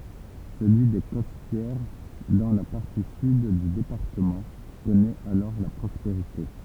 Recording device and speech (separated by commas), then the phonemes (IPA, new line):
temple vibration pickup, read sentence
səlyi de kɔstjɛʁ dɑ̃ la paʁti syd dy depaʁtəmɑ̃ kɔnɛt alɔʁ la pʁɔspeʁite